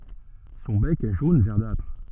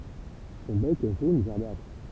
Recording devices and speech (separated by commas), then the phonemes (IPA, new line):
soft in-ear microphone, temple vibration pickup, read sentence
sɔ̃ bɛk ɛ ʒon vɛʁdatʁ